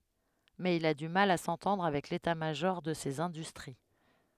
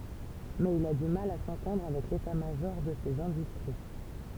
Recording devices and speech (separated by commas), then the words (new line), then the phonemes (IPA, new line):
headset microphone, temple vibration pickup, read sentence
Mais il a du mal à s'entendre avec l'état-major de ces industries.
mɛz il a dy mal a sɑ̃tɑ̃dʁ avɛk leta maʒɔʁ də sez ɛ̃dystʁi